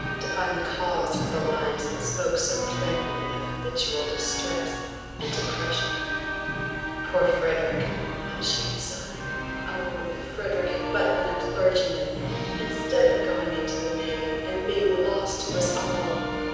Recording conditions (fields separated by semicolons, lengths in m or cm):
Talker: one person; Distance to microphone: 7.1 m; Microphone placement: far; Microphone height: 1.7 m; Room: very reverberant, large; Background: music